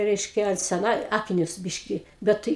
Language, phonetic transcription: Lithuanian, ˈreiškia seˈna ˈakinius ˈbiškį ˈbet tɨi

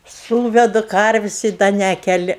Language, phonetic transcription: Lithuanian, ˈsūvedu ˈkarvis' i ˈda ˈnekeli

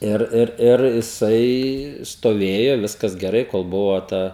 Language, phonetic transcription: Lithuanian, ˈir ˈir ˈir jiˈsai stoˈvėjo ˈviskas geˈrai kol ˈbuvo ˈta

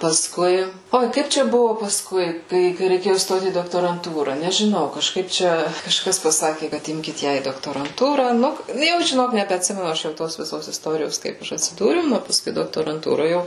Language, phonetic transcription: Lithuanian, paˈskui ˈoi ˈkaip čia ˈbuvo pasˈkui ˈkai kai reiˈkėju ˈstot į doktoranˈtūra nežiˈnau kažˈkaip ˈčia kažˈkas paˈsaki kad ˈimkit ˈją į doktoranˈtūrą ˈnu nu ˈjau žiˈnok nebeatˈsimenu ˈaš jau ˈtos viˈsos isˈtorijos ˈkaip ˈaš atsiˈdūriau ˈnu paˈskui doktoranˈtūro ˈjau

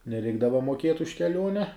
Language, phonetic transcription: Lithuanian, neˈreikdava moˈkiet už keˈliuone

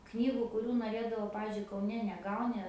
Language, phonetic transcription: Lithuanian, ˈknygu kuˈrių noˈrėdavau ˈpavizdžiui kauˈne neˈgauni

